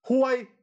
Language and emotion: Thai, angry